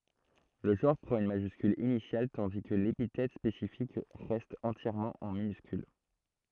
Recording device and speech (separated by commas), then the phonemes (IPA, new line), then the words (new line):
throat microphone, read sentence
lə ʒɑ̃ʁ pʁɑ̃t yn maʒyskyl inisjal tɑ̃di kə lepitɛt spesifik ʁɛst ɑ̃tjɛʁmɑ̃ ɑ̃ minyskyl
Le genre prend une majuscule initiale tandis que l'épithète spécifique reste entièrement en minuscule.